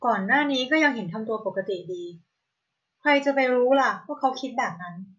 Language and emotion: Thai, neutral